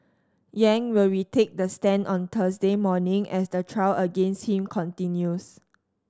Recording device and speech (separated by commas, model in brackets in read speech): standing microphone (AKG C214), read sentence